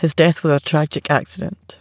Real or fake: real